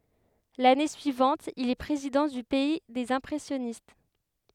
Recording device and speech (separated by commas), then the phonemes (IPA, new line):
headset microphone, read sentence
lane syivɑ̃t il ɛ pʁezidɑ̃ dy pɛi dez ɛ̃pʁɛsjɔnist